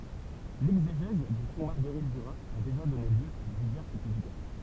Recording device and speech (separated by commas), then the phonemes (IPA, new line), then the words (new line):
temple vibration pickup, read sentence
lɛɡzeʒɛz dy fɔ̃ maʁɡəʁit dyʁaz a deʒa dɔne ljø a divɛʁs pyblikasjɔ̃
L'exégèse du fond Marguerite Duras a déjà donné lieu à diverses publications.